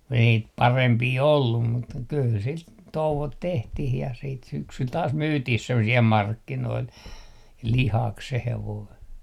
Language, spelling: Finnish, kun ei niitä parempia ollut mutta kyllä sitä touot tehtiin ja sitten syksyllä taas myytiin - siellä markkinoilla lihaksi se hevonen
- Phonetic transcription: kun ‿ei niit "parempii 'ollum mut , 'kyl sit , "touvot 'tehtih ja siit 'syksyl taas "myytih 'semmo - siɛl "markkinoil , "lihak se 'hevoi .

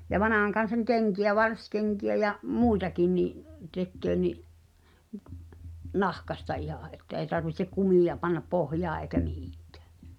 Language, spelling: Finnish, ja vanhan kansan kenkiä varsikenkiä ja muitakin niin tekee niin nahasta ihan että ei tarvitse kumia panna pohjaan eikä mihinkään
- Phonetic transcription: ja "vanàhaŋkan̬saŋ 'keŋki₍ä "varskeŋki₍ä ja’ , "mùitakin ni’ , 'tekköö ni’ , "nahkasta 'ihà ’että ei̬ tarvihtek 'kumìja pannap "pohjaa èi̬kä 'mihɪ̀ᴎkᴀ̈ᴀ̈ .

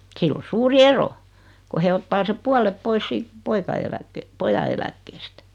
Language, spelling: Finnish, sillä on suuri ero kun he ottaa sen puolet pois siitä poika - pojan eläkkeestä
- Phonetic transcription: 'sill ‿o "suuri 'ero , ko 'he ottaa 'seᵖ "pualep 'pois siit , 'poika eläkke- 'poja eläkkeestä .

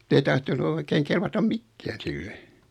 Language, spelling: Finnish, ei tahtonut oikein kelvata mikään sille
- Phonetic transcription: ei 'tahtonu oikeiŋ 'kelvatam "mikkään 'sille .

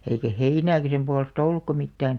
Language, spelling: Finnish, eikä heinääkään sen puolesta ollutkaan mitään
- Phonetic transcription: eikä 'heinääkä 'sem pualestᵃ "ollukka 'mittään ,.

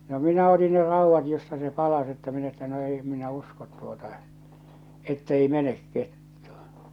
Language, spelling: Finnish, no minä otin ne raudat josta se palasi että minä että no ei en minä usko tuota että ei mene kettu
- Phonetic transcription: no 'minä oti ne 'rauvvat josta se 'palas että min ‿että » no ei em minä 'uskot tuota , 'ettei 'menek 'kettᴜ « .

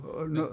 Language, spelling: Finnish, - no
- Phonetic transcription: o- no ,.

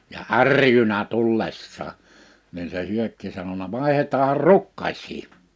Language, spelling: Finnish, ja ärjynyt tullessaan niin se Hyökki sanonut vaihdetaan rukkasia
- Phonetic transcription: ja "är̀jynä 'tullessaa , nin se 'Hyökki sanona » 'vàehetaahar "rukkaś̀sɪɪ ! «

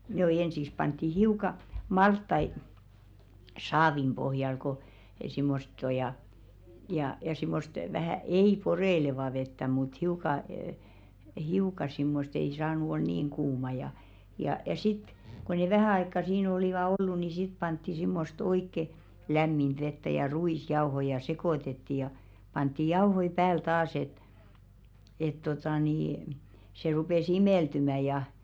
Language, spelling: Finnish, no ensin pantiin hiukan maltaita saavin pohjalle kun semmoista on ja ja ja semmoista vähän ei poreilevaa vettä mutta hiukan - hiukan semmoista ei saanut olla niin kuumaa ja ja ja sitten kun ne vähän aikaa siinä olivat ollut niin sitten pantiin semmoista oikein lämmintä vettä ja ruisjauhoja ja sekoitettiin ja pantiin jauhoja päälle taas että että tuota niin se rupesi imeltymään ja
- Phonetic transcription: no 'ensiᵏs pantti "hiuka 'malttai , "saavim ʙohjal ko , simmost ‿o ja , ja , ja 'simmost vähä̀ "ei 'poreⁱlevà vettä mut hiuka əə , 'hiuka simmost ‿ei 'saanu ol "niiŋ kuuma ja , ja ja 'sit , ko ne "vähä̀ aikka 'siin ‿olìva "ollu ni 'sit pantti simmost 'oikke , "lämminᴅ 'vettä ja "ru₍is'jaohoⁱ ja 'sekòtetti ja , pantti 'jauhoi "pääl 'taas ‿et , et totà nii , se 'rupè"s ‿imèltymä ja .

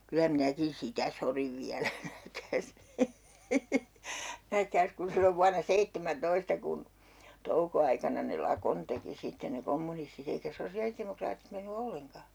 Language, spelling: Finnish, kyllä minäkin sitä sodin vielä nähkääs nähkääs kun silloin vuonna seitsemäntoista kun toukoaikana ne lakon teki sitten ne kommunistit eikä sosiaalidemokraatit mennyt ollenkaan
- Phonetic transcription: kylä 'minäkin "sitä soriv 'viälä nähkääs , 'nähkääs kun sillov 'vuana "seittemän'toista kun , 'touko₍aikana ne "lakon teki 'sitte ne "kommunistit ‿eikä 'sosi₍alitemokraatit menny "olleŋka .

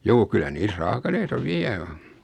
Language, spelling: Finnish, juu kyllä niissä raakileita vielä on
- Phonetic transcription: 'juu kyllä 'niis "raakaleita 'viä o .

